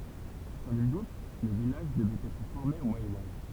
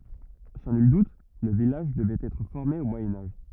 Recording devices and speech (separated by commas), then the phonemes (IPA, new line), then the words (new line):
temple vibration pickup, rigid in-ear microphone, read sentence
sɑ̃ nyl dut lə vilaʒ dəvɛt ɛtʁ fɔʁme o mwajɛ̃ aʒ
Sans nul doute, le village devait être formé au Moyen Âge.